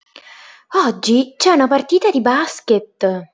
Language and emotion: Italian, surprised